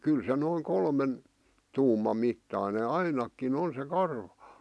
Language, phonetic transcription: Finnish, 'kyl se noiŋ 'kolmen , 'tuumam mittàⁱne "ainakkin ‿on se "karvᴀ .
- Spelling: kyllä se noin kolmen tuuman mittainen ainakin on se karva

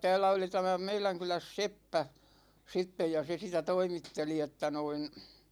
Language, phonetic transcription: Finnish, 'täällä oli tämä 'meiläŋ kyläs "seppä , 'sitte ja se sitä 'toimitteli että noin ,.
- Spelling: täällä oli tämä meidän kylässä seppä sitten ja se sitä toimitteli että noin

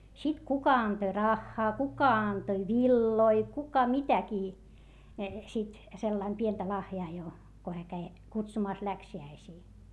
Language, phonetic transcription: Finnish, sit kuka antoⁱ raχχaa , kuka antoⁱ villoi , kuka mitäkii , sit , sellaim pientä lahjaa jo , ko hää käi , kutsumàs läksi₍äisii .
- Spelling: sitten kuka antoi rahaa kuka antoi villoja kuka mitäkin sitten sillä lailla pientä lahjaa jo kun hän kävi kutsumassa läksiäisiin

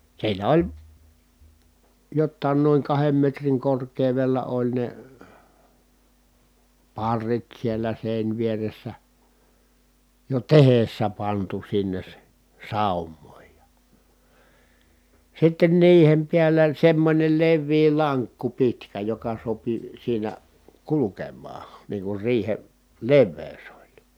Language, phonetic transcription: Finnish, siinä oĺ , jottàin noiŋ kahem metriŋ kork̀èu̬vella oĺ ne , parrit siellä sèińvieressä , jo tehessä pantu sinnes s- , sàum̀òij ja , sitten niihem piällä semmońel levvii laŋkku pitkä joka sopi siinä , kulukemmaa , niiŋ kur riihe , levvèy̬s ‿oĺ .
- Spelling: siinä oli jotakin noin kahden metrin korkeudella oli ne parrit siellä se jo tehdessä pantu sinne - saumoin ja sitten niiden päällä semmoinen leveä lankku pitkä joka sopi siinä kulkemaan niin kuin riihen leveys oli

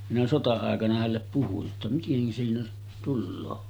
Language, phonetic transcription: Finnish, minä 'sota₍àekana hällep puhuj jotta » 'miteŋkä siinä tulloo « .
- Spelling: minä sota-aikana hänelle puhuin jotta miten siinä tulee

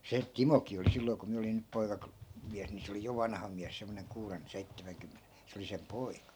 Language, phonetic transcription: Finnish, "se , "timokii oli 'silloi̮ ku 'miä olin ny 'poikaklo- , '-miäs ni se 'oli jo 'vanha miäs semmoneŋ 'kuuren , 'seittämäŋkymmene , 'se oli sem "poika .
- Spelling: se Timokin oli silloin kun minä olin nyt - poikamies niin se oli jo vanha mies semmoinen kuuden seitsemänkymmenen se oli sen poika

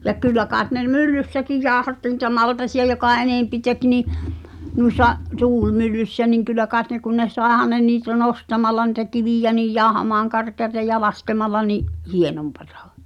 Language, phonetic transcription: Finnish, ja 'kyl̆lä kàet ne "myllyssäkij 'jaaᵒhatti ni̳tä 'maltasi₍a jokà 'enèmpi tek nii , nuis̳a’ , "tuulmyllyssä niŋ 'kyl̆lä kàet ne kun ne 'sàehan ne niitä "nostamalla ni̳tä "kivìjä nij 'jàohamaaŋ karkeata ja "laskemalla ni’ , "hienompatᴀ .
- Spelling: ja kyllä kai ne myllyssäkin jauhatti niitä maltaita joka enempi teki niin noissa tuulimyllyssä niin kyllä kai ne kun ne saihan ne niitä nostamalla niitä kiviä niin jauhamaan karkeaa ja laskemalla niin hienompaa

